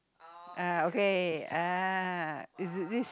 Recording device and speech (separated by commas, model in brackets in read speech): close-talking microphone, conversation in the same room